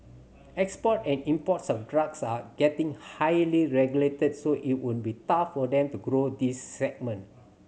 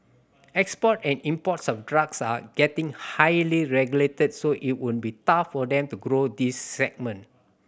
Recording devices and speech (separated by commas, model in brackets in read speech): mobile phone (Samsung C7100), boundary microphone (BM630), read sentence